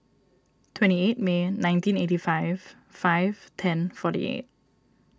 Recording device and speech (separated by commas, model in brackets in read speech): standing microphone (AKG C214), read sentence